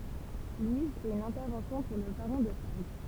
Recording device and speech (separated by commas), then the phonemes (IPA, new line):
temple vibration pickup, read sentence
lwiz fɛt yn ɛ̃tɛʁvɑ̃sjɔ̃ puʁ lə baʁɔ̃ də faʁɡ